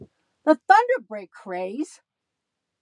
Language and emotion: English, angry